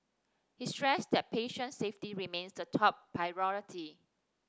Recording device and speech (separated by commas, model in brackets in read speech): standing microphone (AKG C214), read sentence